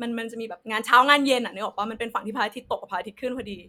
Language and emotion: Thai, happy